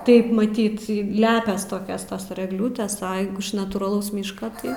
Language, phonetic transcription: Lithuanian, ˈtaip maˈtyt ˈlepias ˈtokias ˈtas ir egˈliūtės a jeigu iš natūraˈlaus ˈmyška ˈtai

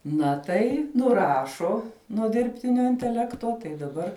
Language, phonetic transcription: Lithuanian, ˈna tai nuˈrašo nuo dirbˈtinio inteˈlekto tai daˈbar

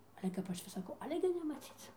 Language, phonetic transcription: Lithuanian, ˈale kap ˈaš vis saˈkau ˈale gi nemaˈcyc

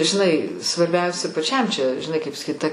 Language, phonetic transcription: Lithuanian, žiˈnai svarˈbiausia paˈčiam čia žiˈnai kaip saˈkyt ta

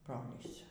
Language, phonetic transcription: Lithuanian, ˈbrolys

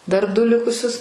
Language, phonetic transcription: Lithuanian, dar ˈdu ˈlikusius

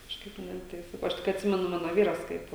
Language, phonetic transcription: Lithuanian, kažˈkaip ˈne tai ˈsakau ˈaš tik atˈsimenu ˈmano ˈvyras ˈkaip

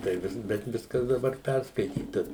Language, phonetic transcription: Lithuanian, tai ˈvis bet ˈviskas daˈbar ˈpærskaityta

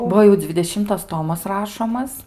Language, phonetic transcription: Lithuanian, ˈbuo jau dzvideˈšimtas ˈtomas ˈrašomas

